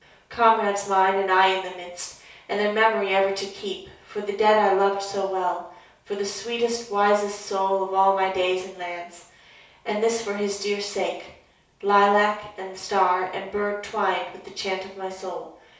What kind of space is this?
A small space (about 3.7 m by 2.7 m).